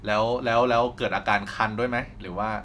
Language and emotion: Thai, neutral